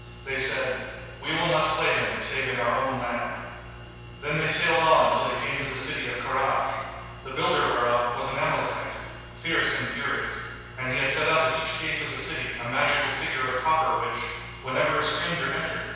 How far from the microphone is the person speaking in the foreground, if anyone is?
7.1 m.